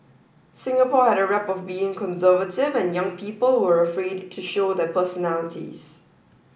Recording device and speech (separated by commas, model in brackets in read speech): boundary microphone (BM630), read sentence